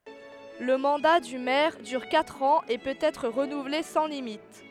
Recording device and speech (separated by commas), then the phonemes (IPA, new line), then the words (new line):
headset microphone, read sentence
lə mɑ̃da dy mɛʁ dyʁ katʁ ɑ̃z e pøt ɛtʁ ʁənuvle sɑ̃ limit
Le mandat du maire dure quatre ans et peut être renouvelé sans limite.